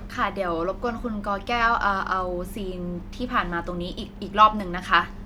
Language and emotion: Thai, neutral